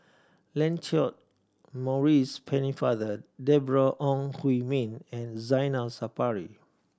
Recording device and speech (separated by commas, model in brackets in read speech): standing microphone (AKG C214), read sentence